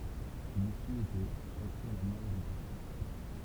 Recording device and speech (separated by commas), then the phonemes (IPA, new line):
temple vibration pickup, read sentence
lisy etɛ ʃak fwa la mɔʁ dy pasjɑ̃